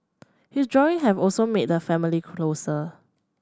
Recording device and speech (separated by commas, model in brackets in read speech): standing microphone (AKG C214), read sentence